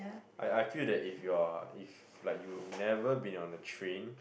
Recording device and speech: boundary microphone, conversation in the same room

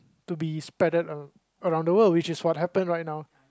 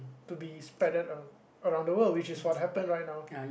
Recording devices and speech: close-talking microphone, boundary microphone, conversation in the same room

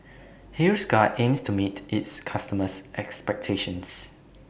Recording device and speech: boundary microphone (BM630), read sentence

